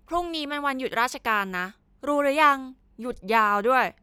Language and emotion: Thai, neutral